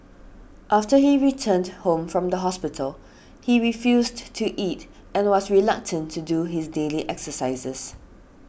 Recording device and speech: boundary microphone (BM630), read sentence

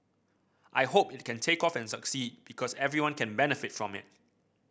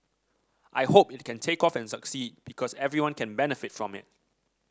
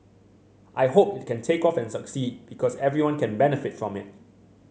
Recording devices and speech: boundary microphone (BM630), standing microphone (AKG C214), mobile phone (Samsung C7100), read sentence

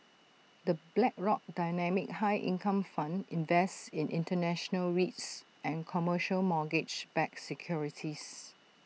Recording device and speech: mobile phone (iPhone 6), read sentence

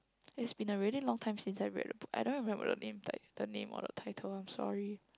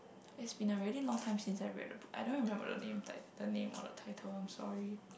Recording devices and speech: close-talking microphone, boundary microphone, conversation in the same room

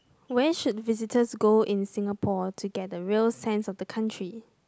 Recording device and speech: close-talking microphone, conversation in the same room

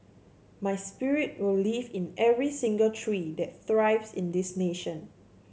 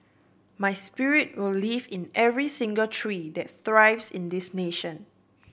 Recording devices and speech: mobile phone (Samsung C7), boundary microphone (BM630), read sentence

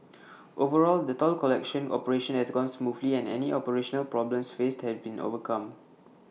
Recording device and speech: mobile phone (iPhone 6), read sentence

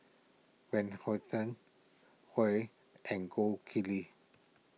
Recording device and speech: mobile phone (iPhone 6), read sentence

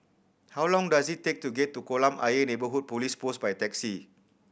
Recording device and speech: boundary microphone (BM630), read sentence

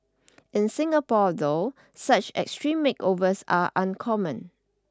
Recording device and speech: standing microphone (AKG C214), read sentence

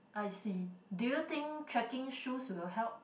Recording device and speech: boundary microphone, conversation in the same room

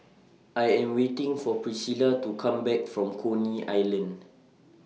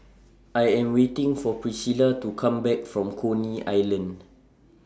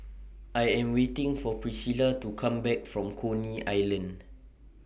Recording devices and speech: mobile phone (iPhone 6), standing microphone (AKG C214), boundary microphone (BM630), read sentence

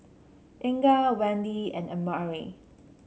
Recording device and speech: mobile phone (Samsung C7), read sentence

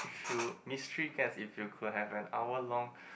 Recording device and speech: boundary microphone, conversation in the same room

